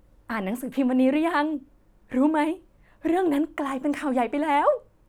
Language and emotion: Thai, happy